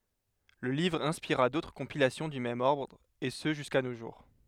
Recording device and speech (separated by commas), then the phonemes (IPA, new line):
headset microphone, read sentence
lə livʁ ɛ̃spiʁa dotʁ kɔ̃pilasjɔ̃ dy mɛm ɔʁdʁ e sə ʒyska no ʒuʁ